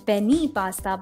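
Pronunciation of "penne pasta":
'Penne pasta' is pronounced incorrectly here.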